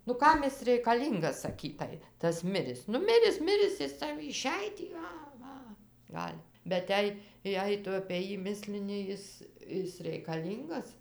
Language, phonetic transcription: Lithuanian, nu ˈkam is reikaˈlyngas saˈkytai tas ˈmiris ˈnu ˈmiris ˈmiris ˈjis ˈsau iˈšej tį ˈa ˈva ˈgal' bet ˈjei ˈjei ˈtu apė ˈjį ˈmislini ˈjis ˈis reikaˈlyngas

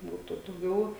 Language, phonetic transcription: Lithuanian, ˈbūtu dauˈgiau

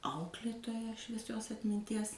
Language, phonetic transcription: Lithuanian, ˈauklėtoja švieˈsios atminˈties

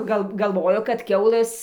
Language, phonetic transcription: Lithuanian, ˈgal galˈvojo kad ˈkiaulɘs

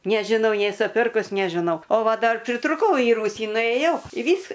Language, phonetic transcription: Lithuanian, nežiˈnau ˈnėsu ˈpirkus nežiˈnau o ˈva ˈdar pritruˈkau į ˈrūsį nuėˈjau į ˈvys

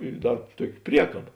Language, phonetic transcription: Lithuanian, i ˈdar ˈtuoki ˈpriekaba

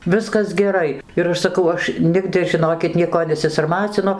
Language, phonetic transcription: Lithuanian, ˈviskas geˈrai ir ˈaš saˈkau ˈaš ˈnigdɨ žiˈnokit ˈnieko nesisarˈmacinu

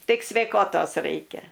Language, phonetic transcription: Lithuanian, ˈtik sveiˈkotos ˈraikia

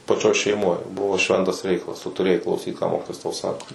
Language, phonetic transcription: Lithuanian, paˈčioj šeiˈmoj ˈbuvo ˈšventas ˈreikalas ˈtu tuˈrėjai klauˈsyt ką ˈmokitojas tau ˈsako

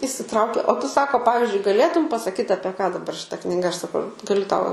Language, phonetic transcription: Lithuanian, įsiˈtraukė o ˈtu ˈsako ˈpavizdžiui gaˈlėtum pasaˈkyt apie ką daˈbar šiˈta kniˈga aš saˈkau gaˈliu ˈtau

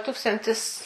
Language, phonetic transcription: Lithuanian, ˈtūkstantis

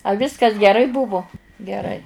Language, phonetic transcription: Lithuanian, a ˈviskas geˈrai ˈbuvu geˈrai

